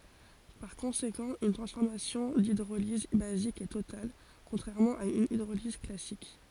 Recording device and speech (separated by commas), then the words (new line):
forehead accelerometer, read sentence
Par conséquent une transformation d'hydrolyse basique est totale contrairement à une hydrolyse classique.